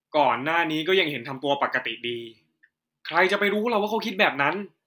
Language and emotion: Thai, frustrated